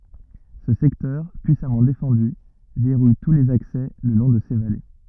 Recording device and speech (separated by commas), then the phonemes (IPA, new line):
rigid in-ear microphone, read sentence
sə sɛktœʁ pyisamɑ̃ defɑ̃dy vɛʁuj tu lez aksɛ lə lɔ̃ də se vale